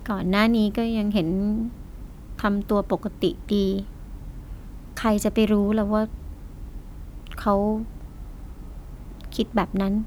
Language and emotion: Thai, sad